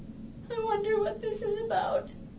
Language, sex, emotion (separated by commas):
English, female, sad